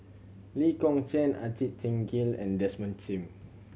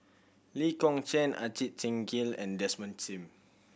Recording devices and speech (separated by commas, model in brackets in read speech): mobile phone (Samsung C7100), boundary microphone (BM630), read sentence